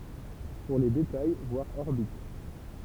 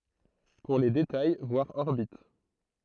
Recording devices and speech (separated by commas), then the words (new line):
temple vibration pickup, throat microphone, read sentence
Pour les détails, voir orbite.